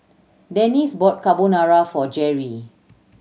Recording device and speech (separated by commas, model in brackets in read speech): mobile phone (Samsung C7100), read sentence